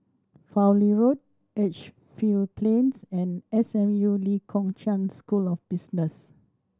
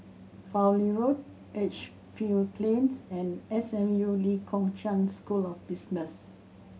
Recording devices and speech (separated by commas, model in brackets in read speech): standing microphone (AKG C214), mobile phone (Samsung C7100), read sentence